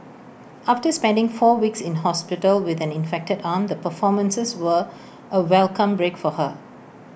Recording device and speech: boundary microphone (BM630), read sentence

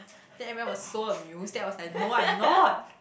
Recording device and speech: boundary microphone, conversation in the same room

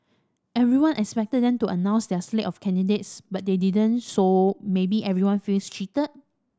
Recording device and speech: standing microphone (AKG C214), read sentence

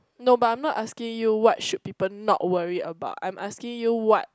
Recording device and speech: close-talking microphone, conversation in the same room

